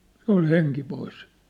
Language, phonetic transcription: Finnish, 'se ‿ol "heŋki 'pois !
- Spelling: se oli henki pois

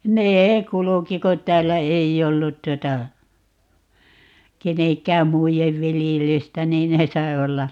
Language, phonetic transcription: Finnish, "nee 'kuluki ko 't̀äällä "ei'j ‿ollut 'tuota , 'keneŋk̀ääm "muijev 'viljelystä 'niin 'ne sai̮ 'olla .
- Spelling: ne kulki kun täällä ei ollut tuota kenenkään muiden viljelystä niin ne sai olla

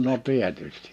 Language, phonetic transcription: Finnish, no 'tietystɪ .
- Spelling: no tietysti

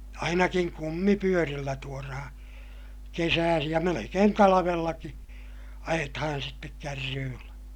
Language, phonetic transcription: Finnish, ainakiŋ kummipyörillä tuorahaa̰ , kesääsij ja melekeen talavellaki , ajetahan sittek kärryyllä .
- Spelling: ainakin kumipyörillä tuodaan kesäisin ja melkein talvellakin ajetaan sitten kärryillä

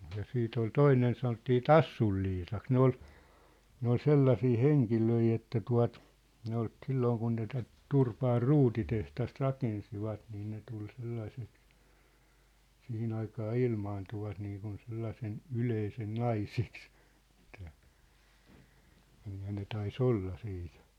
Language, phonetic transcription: Finnish, ja 'siit ‿ol "toinen sanottii "Tassul Liisaks 'ne ‿ol , 'ne ‿ol "sellasii "heŋkilöi 'että 'tua̭t , ne ‿ol , 'sillooŋ kun ne tät , "Turpaar "ruutiteht̳ast 'rakensivat niin ne tul 'sellaiseks , 'sihi'n ‿aikaa "ilmaantuvat niikun 'sellasen , "yleisen "naiseks , ʿᴱᵗʾtᴀ̈ , kyllä ne 'tai"s ‿olla ' siit .
- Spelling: ja sitten oli toinen sanottiin Tassun Liisaksi ne oli ne oli sellaisia henkilöitä että tuota ne oli silloin kun ne tätä Turpaan ruutitehdasta rakensivat niin ne tuli sellaiseksi siihen aikaan ilmaantuvat niin kuin sellaisen yleisen naiseksi että kyllä ne taisi olla - sitten

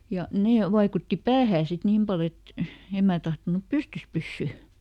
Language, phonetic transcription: Finnish, ja , "nee ˈvaikutti "päähää sit ˈniim pal ‿et , ˈem mää tahtonup "pystys ˈpyssy .
- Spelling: ja ne vaikutti päähän sitten niin paljon että en minä tahtonut pystyssä pysyä

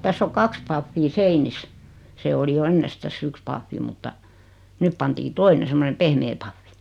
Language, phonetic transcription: Finnish, 'täss ‿o "kaks paffii 'seinis , 'se oli 'jo "ennestäs's ‿yks paffi mutta , 'nyp pantii "toine semmone 'pehmee paffi .
- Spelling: tässä on kaksi pahvia seinissä se oli jo ennestään yksi pahvi mutta nyt pantiin toinen semmoinen pehmeä pahvi

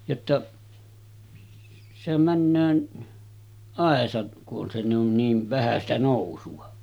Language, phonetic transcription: Finnish, jotta , sehäm männöö , 'àesat ku’ ’on se ‿on , 'niiv 'vähä sitä 'nòusu₍a .
- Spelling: jotta sehän menee aisat kun on se on niin vähän sitä nousua

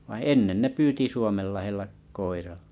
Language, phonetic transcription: Finnish, vai "ennen ne 'pyyti 'Suomellahella , koiralla .
- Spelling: vaan ennen ne pyysi Suomenlahdella koiralla

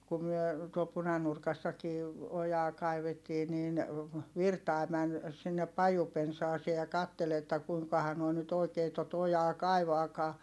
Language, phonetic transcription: Finnish, ku myö , tuol Punanurkassakii , ojaa kaivettii niin , Virtài̮ män , sinnep pajupensaasee ja kattel ‿että kuiŋkaha noi nyt ‿oikee tot ‿ojaa kaivaakaa .
- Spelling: kun me tuolla Punanurkassakin ojaa kaivettiin niin Virtanen meni sinne pajupensaaseen ja katseli että kuinkahan nuo nyt oikein tuota ojaa kaivaakaan

